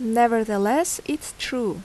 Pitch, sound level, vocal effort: 235 Hz, 81 dB SPL, normal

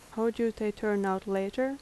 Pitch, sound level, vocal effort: 215 Hz, 81 dB SPL, soft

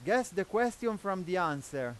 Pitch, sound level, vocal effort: 195 Hz, 97 dB SPL, very loud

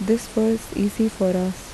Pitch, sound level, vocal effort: 220 Hz, 77 dB SPL, soft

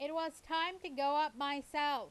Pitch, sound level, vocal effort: 295 Hz, 96 dB SPL, very loud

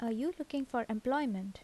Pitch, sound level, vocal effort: 250 Hz, 78 dB SPL, soft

